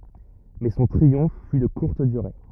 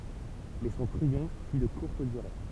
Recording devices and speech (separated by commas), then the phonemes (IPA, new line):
rigid in-ear microphone, temple vibration pickup, read sentence
mɛ sɔ̃ tʁiɔ̃f fy də kuʁt dyʁe